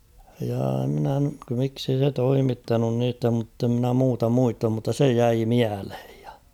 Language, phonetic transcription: Finnish, jaa mᴉnä , miksei se 'toimittanun niitä mutte ‿mnä 'muuta 'muistam mutta "se 'jäi "miälhᴇᴊ ᴊᴀ .
- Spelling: jaa minä miksi ei se toimittanut niitä mutta en minä muuta muista mutta se jäi mieleen ja

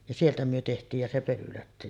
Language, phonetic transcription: Finnish, ja "sieltä myö 'teht̀iij ja se 'Pölylä ,.
- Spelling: ja sieltä me tehtiin ja se Pölylä

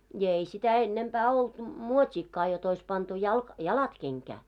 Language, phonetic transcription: Finnish, ja 'ei sitä 'ennempää 'olt , 'muot́iikkaa jot ‿ois pantu jalk- "jalat 'keŋkää .
- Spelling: ja ei sitä ennempää ollut muotiakaan jotta olisi pantu - jalat kenkään

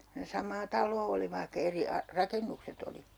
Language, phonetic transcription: Finnish, (ku) ne 'sam̆maa 'tal̆loo oli vaihkᵃ 'eri "rakennukset ‿oli .
- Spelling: kun ne samaa taloa oli vaikka eri rakennukset oli

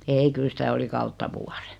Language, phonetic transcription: Finnish, ei 'kyl sitä 'oli "kautta "vuarᴇ .
- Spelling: ei kyllä sitä oli kautta vuoden

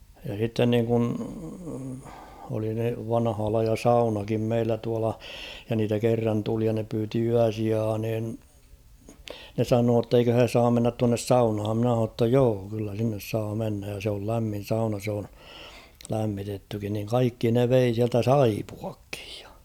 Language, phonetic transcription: Finnish, ja sitten niŋkun , oli (se) 'vanhaa laija "saunakim 'meillä tuala , ja niitä 'kerran tuli ja ne pyyti 'yäsiaa nin , ne 'sanoo ‿tteikö he 'saam mennät tuannes "saunham mᵎnä h̬ano ‿tta "joo kyllä 'sinnes saa 'mennäj ja sᵉ ‿ol 'lämmin̬ 'sauna s ‿oon , 'lämmitettykin niŋ 'kaikki ne 'vei siältä "saipuakkɪᴊ ᴊᴀ .
- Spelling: ja sitten niin kuin oli se vanhaa lajia saunakin meillä tuolla ja niitä kerran tuli ja ne pyysi yösijaa niin ne sanoi että eikö he saa mennä tuonne saunaan minä sanoin jotta joo kyllä sinne saa mennä ja se oli lämmin sauna se on lämmitettykin niin kaikki ne vei sieltä saippuatkin ja

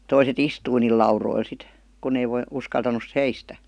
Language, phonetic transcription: Finnish, toiset "istui niil 'lauroil 'sit , kunⁿ ‿ei voi- , 'uskaltanus "seistä .
- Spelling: toiset istui niillä laudoilla sitten kun ei - uskaltanut seistä

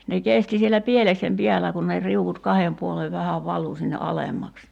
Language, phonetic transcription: Finnish, ne 'kesti siellä "pieleksem 'piälä kun ne , 'riuvut "kahem 'puolev 'vähäv 'valu sinne "alemmaks .
- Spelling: ne kesti siellä pieleksen päällä kun ne riu'ut kahden puolen vähän valui sinne alemmaksi

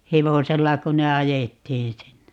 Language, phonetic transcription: Finnish, 'hevosella kun ne "ajettiin sinne .
- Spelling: hevosella kun ne ajettiin sinne

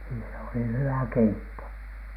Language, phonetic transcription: Finnish, nii se oli "hywä "keitto .
- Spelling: niin se oli hyvä keitto

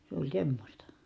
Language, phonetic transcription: Finnish, se ‿oĺ semmośta .
- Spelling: se oli semmoista

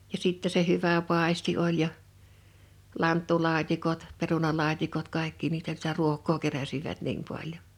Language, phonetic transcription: Finnish, ja 'sitte se 'hyvä 'pàesti oĺ ja , 'lanttulaat́ikot , 'perunalaat́ikot 'kàekki niitä sⁱtä 'ruok̆koo "keräsivät niim paljon .
- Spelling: ja sitten se hyvä paisti oli ja lanttulaatikot perunalaatikot kaikki niitä sitä ruokaa keräsivät niin paljon

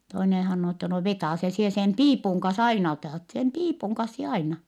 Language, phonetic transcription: Finnish, toinen hannoo ettɛ » no vetàse - sie sem piipuŋ kans aina otàt , sem piipuŋ kans sie aina . »
- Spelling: toinen sanoo että no vetäise sinä sen piipun kanssa aina otat sen piipun kanssa sinä aina

